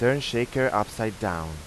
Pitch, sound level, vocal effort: 110 Hz, 89 dB SPL, normal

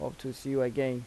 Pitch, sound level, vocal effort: 130 Hz, 82 dB SPL, normal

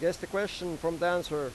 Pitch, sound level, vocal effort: 175 Hz, 93 dB SPL, loud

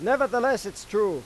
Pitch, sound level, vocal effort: 270 Hz, 100 dB SPL, very loud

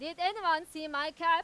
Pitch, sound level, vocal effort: 325 Hz, 105 dB SPL, very loud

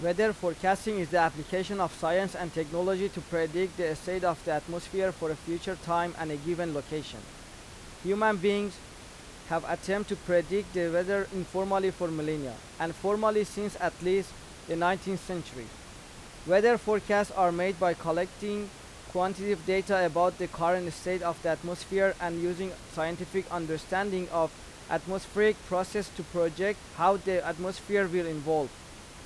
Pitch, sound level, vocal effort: 180 Hz, 91 dB SPL, loud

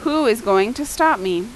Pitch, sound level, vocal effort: 225 Hz, 89 dB SPL, loud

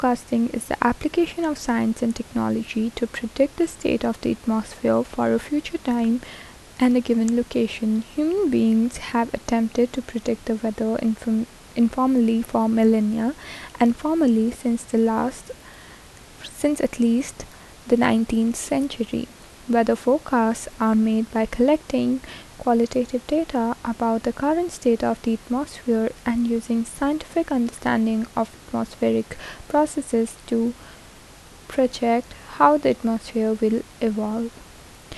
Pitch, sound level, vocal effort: 235 Hz, 76 dB SPL, soft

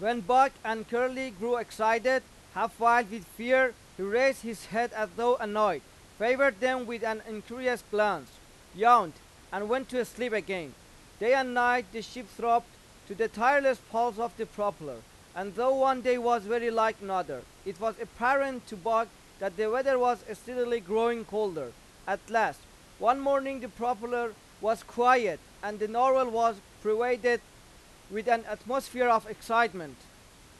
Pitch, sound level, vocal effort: 230 Hz, 99 dB SPL, very loud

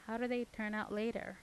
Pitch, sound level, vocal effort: 215 Hz, 83 dB SPL, normal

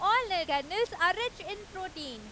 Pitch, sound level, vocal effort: 375 Hz, 98 dB SPL, very loud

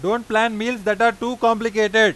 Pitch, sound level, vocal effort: 230 Hz, 100 dB SPL, very loud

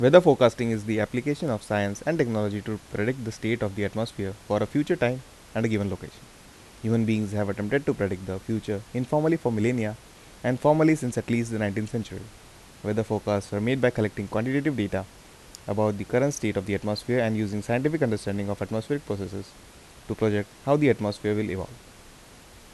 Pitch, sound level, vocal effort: 110 Hz, 82 dB SPL, normal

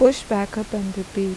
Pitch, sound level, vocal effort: 205 Hz, 83 dB SPL, normal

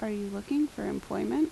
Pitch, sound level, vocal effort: 285 Hz, 80 dB SPL, soft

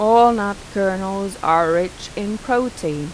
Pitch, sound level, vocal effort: 195 Hz, 89 dB SPL, normal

